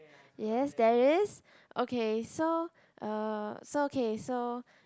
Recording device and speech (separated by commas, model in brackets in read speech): close-talking microphone, conversation in the same room